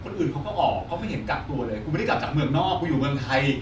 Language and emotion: Thai, frustrated